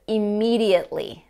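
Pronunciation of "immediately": In 'immediately', the t is not pronounced at all.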